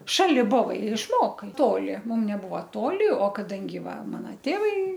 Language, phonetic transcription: Lithuanian, ˈšali ˈbovai ir išˈmokai ˈtoli ˈmum neˈbuva ˈtoli o kaˈdangi ˈva ˈmana ˈtėvai

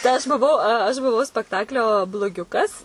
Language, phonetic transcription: Lithuanian, tai ˈaš buˈvau aš buˈvau spekˈtaklio bloˈgiukas

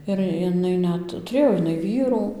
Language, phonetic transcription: Lithuanian, ir jiˈnai ˈnet tuˈrėjo iˈnai ˈvyrų

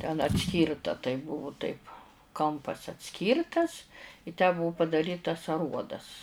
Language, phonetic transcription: Lithuanian, ten atˈskyrta tai ˈbuvu taip ˈkampas atˈskyrtas i tę ˈbuu padaˈrytas aˈruodas

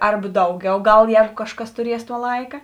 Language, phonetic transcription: Lithuanian, ˈarba ˈdauˌgiau ˈgal ˈjēgu ˈkažˌkas tuˈries tuo ˈlaika

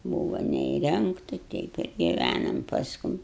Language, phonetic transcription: Lithuanian, ˈbūvo neįˈrengta ˈteip ir giˈvænam pasˈkum

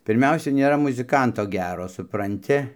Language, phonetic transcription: Lithuanian, pirˈmiausia nėˈra muziˈkanto ˈgero supranˈti

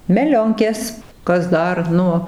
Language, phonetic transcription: Lithuanian, meˈlionkės ˈkas ˈdar ˈnu

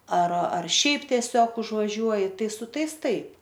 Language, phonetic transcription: Lithuanian, ar ar ˈšiaip tieˈsiog užvaˈžiuoji ˈtai su ˈtais ˈtaip

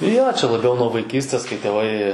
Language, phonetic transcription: Lithuanian, jo čia laˈbiau nuo vaiˈkystės kai tėˈvai

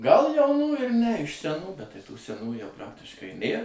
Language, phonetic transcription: Lithuanian, gal jauˈnų ir ne iš seˈnų bet tai ˈtų seˈnų jau ˈpraktiškai ˈnėr

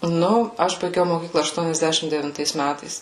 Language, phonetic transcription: Lithuanian, ˈnu ˈaš baiˈgiau moˈkykla aštuoniasˈdešim devinˈtais ˈmætais

